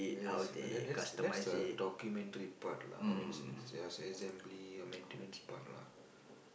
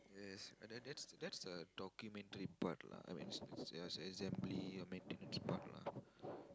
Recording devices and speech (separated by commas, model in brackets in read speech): boundary microphone, close-talking microphone, conversation in the same room